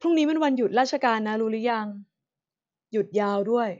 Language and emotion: Thai, neutral